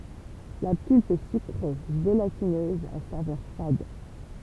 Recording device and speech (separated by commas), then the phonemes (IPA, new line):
temple vibration pickup, read sentence
la pylp ɛ sykʁe ʒelatinøz a savœʁ fad